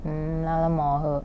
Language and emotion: Thai, frustrated